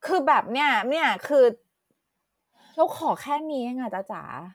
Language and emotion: Thai, frustrated